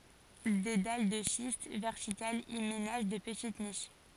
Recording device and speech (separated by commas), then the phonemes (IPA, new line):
forehead accelerometer, read sentence
de dal də ʃist vɛʁtikalz i menaʒ də pətit niʃ